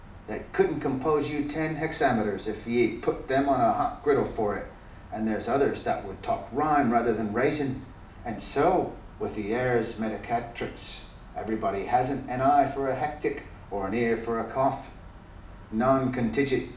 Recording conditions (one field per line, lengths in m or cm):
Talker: one person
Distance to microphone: 2.0 m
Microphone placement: close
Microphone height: 99 cm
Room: medium-sized (5.7 m by 4.0 m)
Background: none